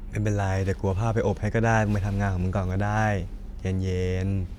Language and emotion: Thai, neutral